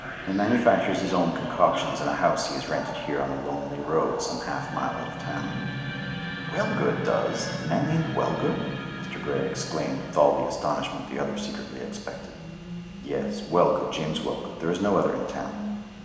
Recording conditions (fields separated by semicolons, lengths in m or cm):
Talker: one person; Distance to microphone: 1.7 m; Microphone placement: close; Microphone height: 1.0 m; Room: very reverberant, large; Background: television